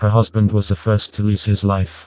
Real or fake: fake